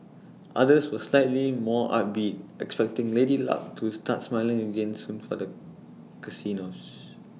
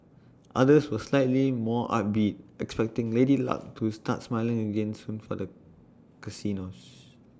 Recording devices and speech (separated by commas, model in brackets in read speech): mobile phone (iPhone 6), standing microphone (AKG C214), read sentence